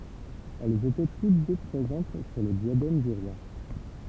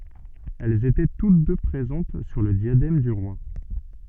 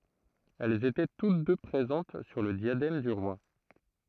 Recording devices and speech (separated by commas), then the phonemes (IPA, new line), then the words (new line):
temple vibration pickup, soft in-ear microphone, throat microphone, read sentence
ɛlz etɛ tut dø pʁezɑ̃t syʁ lə djadɛm dy ʁwa
Elles étaient toutes deux présentes sur le diadème du roi.